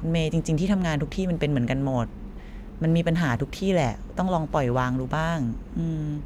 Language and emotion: Thai, frustrated